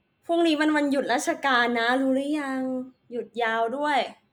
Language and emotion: Thai, neutral